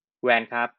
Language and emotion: Thai, frustrated